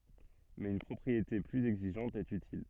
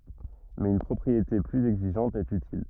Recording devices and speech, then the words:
soft in-ear microphone, rigid in-ear microphone, read sentence
Mais une propriété plus exigeante est utile.

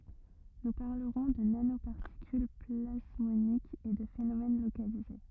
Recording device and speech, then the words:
rigid in-ear microphone, read sentence
Nous parlerons de nanoparticules plasmoniques et de phénomène localisé.

